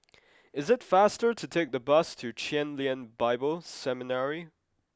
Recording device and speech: close-talking microphone (WH20), read sentence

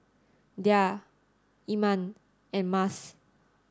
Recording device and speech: standing microphone (AKG C214), read sentence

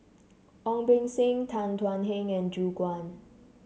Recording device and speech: mobile phone (Samsung C7), read sentence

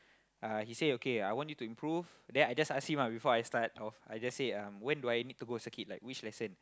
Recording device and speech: close-talking microphone, conversation in the same room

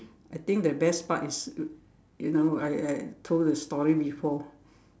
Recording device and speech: standing microphone, conversation in separate rooms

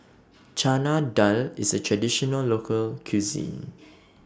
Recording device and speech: standing microphone (AKG C214), read sentence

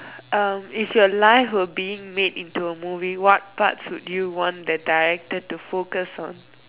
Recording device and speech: telephone, conversation in separate rooms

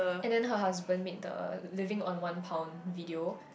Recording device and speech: boundary microphone, conversation in the same room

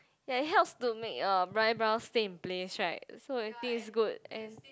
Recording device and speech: close-talking microphone, conversation in the same room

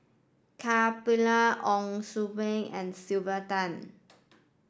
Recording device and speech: standing microphone (AKG C214), read sentence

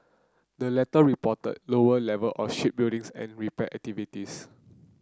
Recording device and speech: close-talking microphone (WH30), read sentence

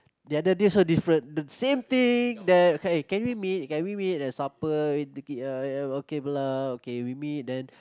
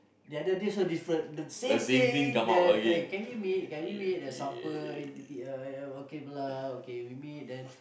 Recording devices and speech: close-talking microphone, boundary microphone, conversation in the same room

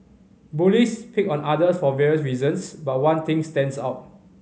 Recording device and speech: mobile phone (Samsung C5010), read sentence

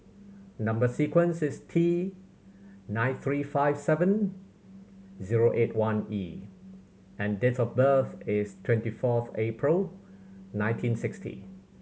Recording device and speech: mobile phone (Samsung C7100), read sentence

